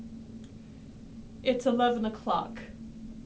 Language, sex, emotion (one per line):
English
female
sad